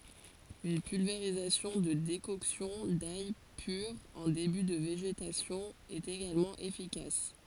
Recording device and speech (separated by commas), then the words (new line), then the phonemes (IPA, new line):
forehead accelerometer, read sentence
Une pulvérisation de décoction d'ail pure en début de végétation est également efficace.
yn pylveʁizasjɔ̃ də dekɔksjɔ̃ daj pyʁ ɑ̃ deby də veʒetasjɔ̃ ɛt eɡalmɑ̃ efikas